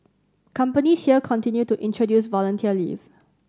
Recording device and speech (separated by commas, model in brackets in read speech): standing microphone (AKG C214), read sentence